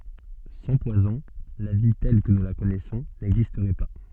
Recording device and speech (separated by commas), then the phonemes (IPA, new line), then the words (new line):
soft in-ear microphone, read sentence
sɑ̃ pwazɔ̃ la vi tɛl kə nu la kɔnɛsɔ̃ nɛɡzistʁɛ pa
Sans poisons, la vie telle que nous la connaissons n'existerait pas.